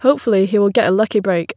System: none